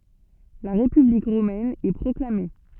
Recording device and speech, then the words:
soft in-ear microphone, read sentence
La République romaine est proclamée.

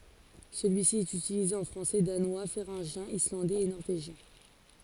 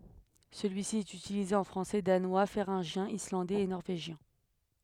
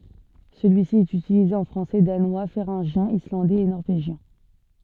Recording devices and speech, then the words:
forehead accelerometer, headset microphone, soft in-ear microphone, read sentence
Celui-ci est utilisé en français, danois, féringien, islandais et norvégien.

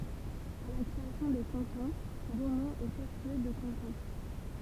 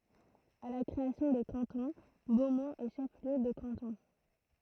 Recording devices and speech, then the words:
temple vibration pickup, throat microphone, read sentence
À la création des cantons, Beaumont est chef-lieu de canton.

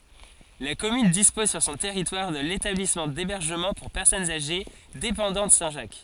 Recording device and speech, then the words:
forehead accelerometer, read sentence
La commune dispose sur son territoire de l'établissement d'hébergement pour personnes âgées dépendantes Saint-Jacques.

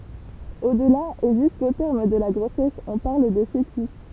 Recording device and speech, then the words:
temple vibration pickup, read sentence
Au-delà et jusqu'au terme de la grossesse, on parle de fœtus.

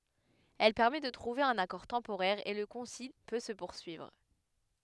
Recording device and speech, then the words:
headset microphone, read sentence
Elle permet de trouver un accord temporaire et le concile peut se poursuivre.

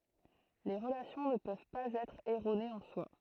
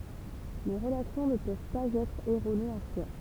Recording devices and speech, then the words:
throat microphone, temple vibration pickup, read sentence
Les relations ne peuvent pas être erronées en soi.

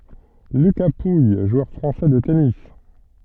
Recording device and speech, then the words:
soft in-ear microphone, read sentence
Lucas Pouille, joueur français de tennis.

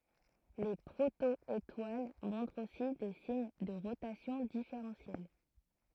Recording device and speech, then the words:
throat microphone, read sentence
Les proto-étoiles montrent aussi des signes de rotation différentielle.

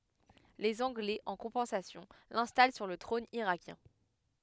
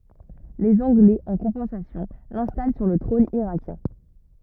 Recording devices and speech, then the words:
headset microphone, rigid in-ear microphone, read sentence
Les Anglais, en compensation, l'installent sur le trône irakien.

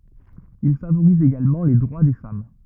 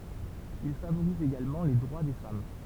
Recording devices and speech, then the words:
rigid in-ear microphone, temple vibration pickup, read sentence
Il favorise également les droits des femmes.

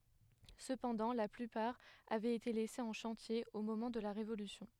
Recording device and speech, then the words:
headset microphone, read sentence
Cependant la plupart avait été laissées en chantier au moment de la Révolution.

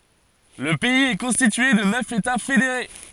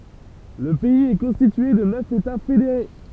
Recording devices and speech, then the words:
forehead accelerometer, temple vibration pickup, read sentence
Le pays est constitué de neuf États fédérés.

